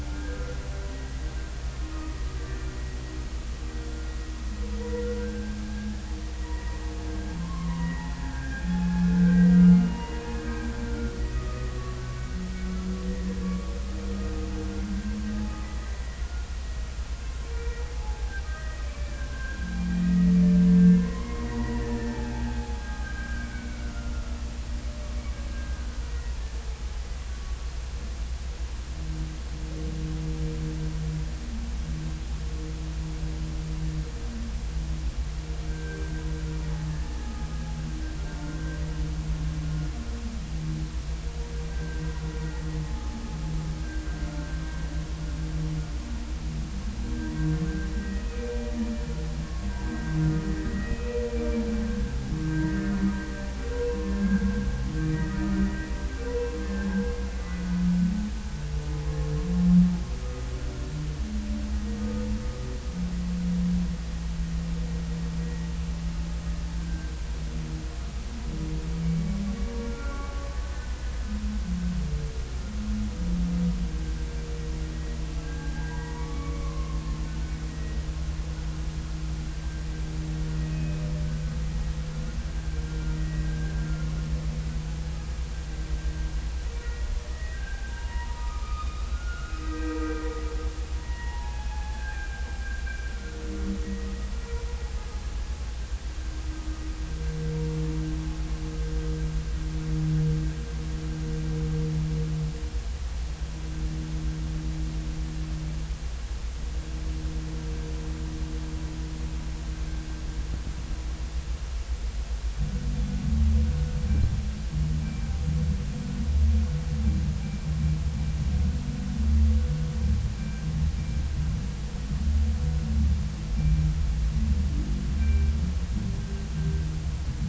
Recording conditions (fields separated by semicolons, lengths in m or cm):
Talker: no one; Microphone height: 1.1 m; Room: very reverberant, large; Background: music